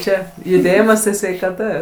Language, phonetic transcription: Lithuanian, ˈčia juˈdėjimas tai sveikaˈta

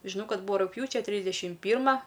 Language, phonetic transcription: Lithuanian, žiˈnau ˈkad ˈbūva rugˈpjūčia ˈtrysdešim ˈpyrma

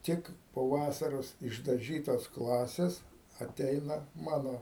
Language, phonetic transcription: Lithuanian, ˈtik po ˈvasaros išdaˈžytos ˈklasės aˈteina ˈmano

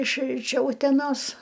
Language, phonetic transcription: Lithuanian, iš iš ˈčia uteˈnos

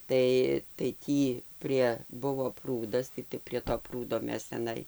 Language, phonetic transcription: Lithuanian, ˈtai tai ˈtį ˈprie ˈbuvo ˈprūdas tai tai prie to ˈprūdo ˈmes teˈnai

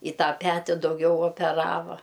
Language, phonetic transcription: Lithuanian, i ˈtą ˈpeti dauˈgiau opeˈrava

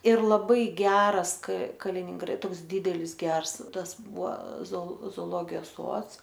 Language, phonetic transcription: Lithuanian, ir laˈbai ˈgeras k kalininˈgra ˈtoks ˈdydelis ˈgers ˈtas ˈbua zo zooˈlogijos ˈsuods

